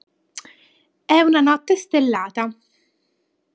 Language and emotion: Italian, neutral